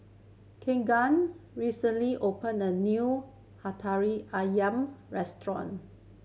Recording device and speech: mobile phone (Samsung C7100), read sentence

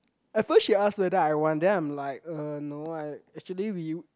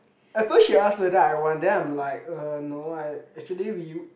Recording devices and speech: close-talking microphone, boundary microphone, conversation in the same room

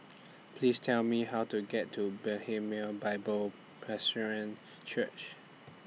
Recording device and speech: mobile phone (iPhone 6), read sentence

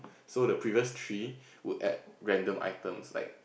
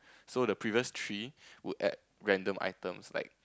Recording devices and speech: boundary microphone, close-talking microphone, conversation in the same room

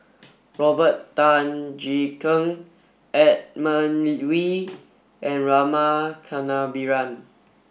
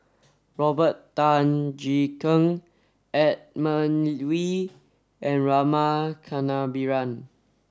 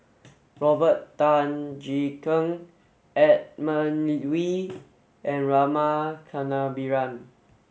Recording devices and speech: boundary microphone (BM630), standing microphone (AKG C214), mobile phone (Samsung S8), read sentence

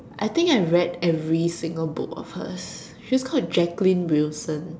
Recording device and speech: standing microphone, conversation in separate rooms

